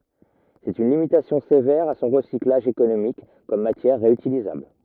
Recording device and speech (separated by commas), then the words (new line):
rigid in-ear microphone, read sentence
C'est une limitation sévère à son recyclage économique comme matière réutilisable.